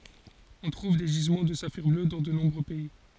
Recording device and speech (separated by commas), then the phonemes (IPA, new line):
forehead accelerometer, read sentence
ɔ̃ tʁuv de ʒizmɑ̃ də safiʁ blø dɑ̃ də nɔ̃bʁø pɛi